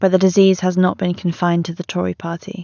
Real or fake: real